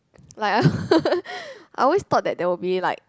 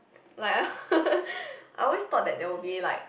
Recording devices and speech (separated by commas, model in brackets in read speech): close-talking microphone, boundary microphone, conversation in the same room